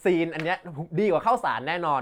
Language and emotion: Thai, happy